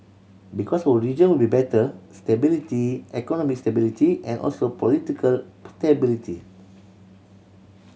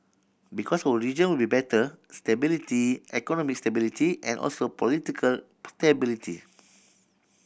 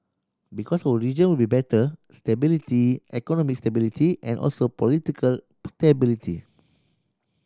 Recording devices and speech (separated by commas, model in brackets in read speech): mobile phone (Samsung C7100), boundary microphone (BM630), standing microphone (AKG C214), read sentence